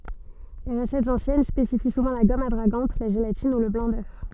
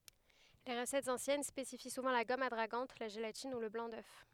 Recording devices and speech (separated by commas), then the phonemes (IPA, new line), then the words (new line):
soft in-ear microphone, headset microphone, read sentence
le ʁəsɛtz ɑ̃sjɛn spesifi suvɑ̃ la ɡɔm adʁaɡɑ̃t la ʒelatin u lə blɑ̃ dœf
Les recettes anciennes spécifient souvent la gomme adragante, la gélatine, ou le blanc d'œuf.